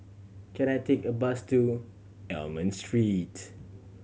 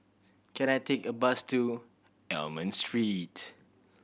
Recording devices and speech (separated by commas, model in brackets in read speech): mobile phone (Samsung C7100), boundary microphone (BM630), read sentence